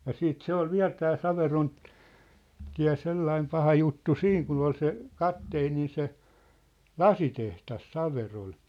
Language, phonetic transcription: Finnish, ja 'siit "se ‿ol "viä̭l 'tää "Saveron- , '-tiä̭ 'sellaim 'paha juttu "siiŋ kun ‿ol se , "kapteenin̬ se , "lasiteht̳as "Saverol .
- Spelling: ja sitten se oli vielä tämä - Saverontie sellainen paha juttu siinä kun oli se kapteenin se lasitehdas Saverolla

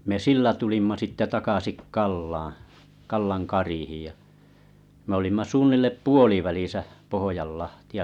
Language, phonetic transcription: Finnish, ja , me 'sillä tulimma sitte 'takasik Kallaa̰ Kallan 'karihij ja , m ‿olimma 'suunnillep "puolivälisä , 'Pohojalahti₍a .
- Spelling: ja me sillä tulimme sitten takaisin Kallaan Kallan kariin ja me olimme suunnilleen puolivälissä Pohjanlahtea

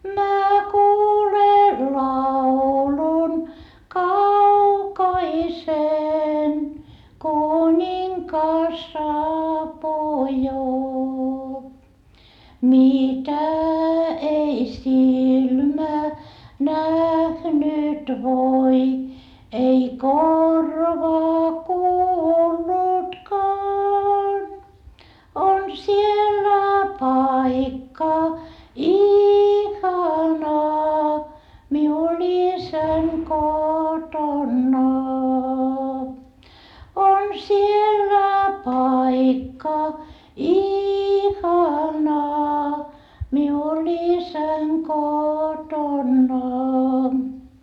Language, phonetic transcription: Finnish, mä kuulen laulun kaukaisen kuńiŋkas saapuu jo , mitä ei silmä nähnyt voi ei korva kuullutkaan , on siellä paikka ihana miul isäŋ kotonna , on siellä paikka ihana miul isäŋ kotonna .
- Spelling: minä kuulen laulun kaukaisen kuningas saapuu jo mitä ei silmä nähnyt voi ei korva kuullutkaan on siellä paikka ihana minulla isän kotona on siellä paikka ihana minulla isän kotona

